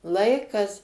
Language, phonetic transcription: Lithuanian, ˈlaikas

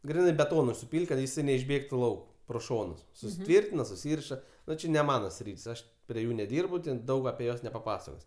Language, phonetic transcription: Lithuanian, ˈgrinai beˈtonui suˈpyl't' kad jiˈsai neišˈbėgtu ˈlauk pro ˈšonus susiˈtvirtina suˈsyriša ˈnu či ne ˈmana ˈsryt's' ˈaš prie ˈjų neˈdyrbu ten ˈdaug apie ˈjuos nepaˈpasakos'

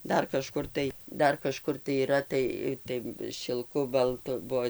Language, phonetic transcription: Lithuanian, ˈdar kaˈžkur tai ˈdar kaˈžkur tai yˈra ˈtai ˈtai šilˈku balˈtu ˈbuo

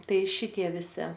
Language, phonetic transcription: Lithuanian, ˈtai ˈšitie viˈsi

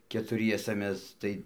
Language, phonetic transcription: Lithuanian, ketuˈriesa ˈmes ˈtai

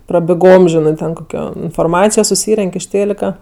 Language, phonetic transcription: Lithuanian, prabiˈgom ˈžinɜ ten koˈkio inforˈmacijo suˈsyrenk' iš ˈtėlika

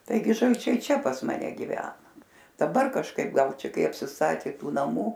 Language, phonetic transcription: Lithuanian, taiˈgi žalˈčiai ˈčia pas maˈne giˈvena daˈbar kažˈkaip ˈgal ˈčia ˈkai apsisˈtatė ˈtų naˈmų

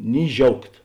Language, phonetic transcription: Lithuanian, ni ˈžiaugt

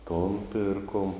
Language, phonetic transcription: Lithuanian, ton ˈpirkom

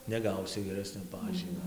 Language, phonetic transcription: Lithuanian, neˈgausi geˈresnio ˈpažymio

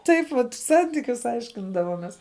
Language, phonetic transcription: Lithuanian, ˈtaip vat ˈsantykius ˈaiškindavomes

